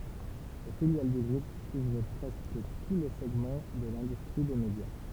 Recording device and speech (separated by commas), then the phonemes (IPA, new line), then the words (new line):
temple vibration pickup, read sentence
le filjal dy ɡʁup kuvʁ pʁɛskə tu le sɛɡmɑ̃ də lɛ̃dystʁi de medja
Les filiales du groupe couvrent presque tous les segments de l'industrie des médias.